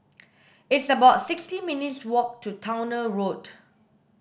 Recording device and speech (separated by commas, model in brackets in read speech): boundary microphone (BM630), read sentence